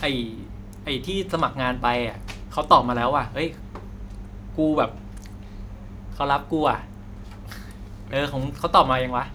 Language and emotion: Thai, happy